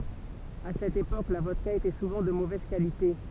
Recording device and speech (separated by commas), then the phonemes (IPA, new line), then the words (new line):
temple vibration pickup, read sentence
a sɛt epok la vɔdka etɛ suvɑ̃ də movɛz kalite
À cette époque, la vodka était souvent de mauvaise qualité.